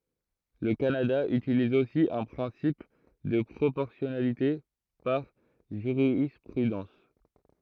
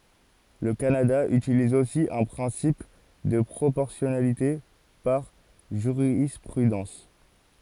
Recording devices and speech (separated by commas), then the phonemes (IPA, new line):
throat microphone, forehead accelerometer, read sentence
lə kanada ytiliz osi œ̃ pʁɛ̃sip də pʁopɔʁsjɔnalite paʁ ʒyʁispʁydɑ̃s